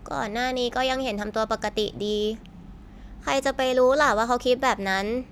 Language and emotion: Thai, neutral